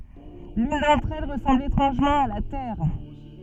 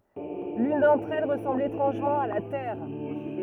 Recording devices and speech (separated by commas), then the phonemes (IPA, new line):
soft in-ear microphone, rigid in-ear microphone, read sentence
lyn dɑ̃tʁ ɛl ʁəsɑ̃bl etʁɑ̃ʒmɑ̃ a la tɛʁ